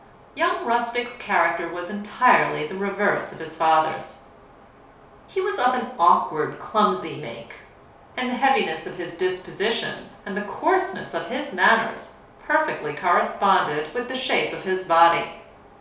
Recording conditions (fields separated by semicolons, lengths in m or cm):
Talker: one person; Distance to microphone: 3.0 m; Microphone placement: far; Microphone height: 1.8 m; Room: small (3.7 m by 2.7 m); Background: none